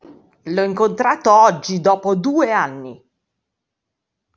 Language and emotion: Italian, angry